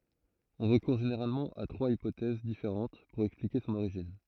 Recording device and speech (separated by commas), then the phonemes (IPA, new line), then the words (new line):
throat microphone, read sentence
ɔ̃ ʁəkuʁ ʒeneʁalmɑ̃ a tʁwaz ipotɛz difeʁɑ̃t puʁ ɛksplike sɔ̃n oʁiʒin
On recourt généralement à trois hypothèses différentes pour expliquer son origine.